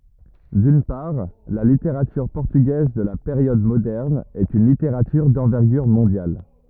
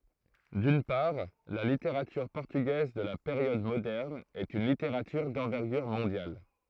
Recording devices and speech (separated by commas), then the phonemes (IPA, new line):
rigid in-ear microphone, throat microphone, read sentence
dyn paʁ la liteʁatyʁ pɔʁtyɡɛz də la peʁjɔd modɛʁn ɛt yn liteʁatyʁ dɑ̃vɛʁɡyʁ mɔ̃djal